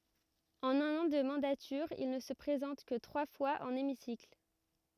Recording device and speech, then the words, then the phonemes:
rigid in-ear microphone, read sentence
En un an de mandature, il ne se présente que trois fois en hémicycle.
ɑ̃n œ̃n ɑ̃ də mɑ̃datyʁ il nə sə pʁezɑ̃t kə tʁwa fwaz ɑ̃n emisikl

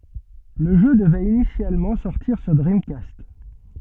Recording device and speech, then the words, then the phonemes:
soft in-ear microphone, read sentence
Le jeu devait initialement sortir sur Dreamcast.
lə ʒø dəvɛt inisjalmɑ̃ sɔʁtiʁ syʁ dʁimkast

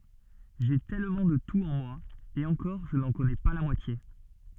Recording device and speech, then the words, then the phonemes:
soft in-ear microphone, read sentence
J'ai tellement de tout en moi, et encore je n'en connais pas la moitié.
ʒe tɛlmɑ̃ də tut ɑ̃ mwa e ɑ̃kɔʁ ʒə nɑ̃ kɔnɛ pa la mwatje

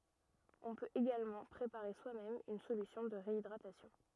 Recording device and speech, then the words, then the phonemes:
rigid in-ear microphone, read sentence
On peut également préparer soi-même une solution de réhydratation.
ɔ̃ pøt eɡalmɑ̃ pʁepaʁe swamɛm yn solysjɔ̃ də ʁeidʁatasjɔ̃

